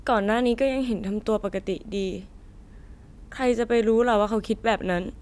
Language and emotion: Thai, sad